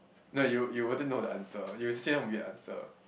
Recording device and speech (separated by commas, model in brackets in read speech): boundary microphone, conversation in the same room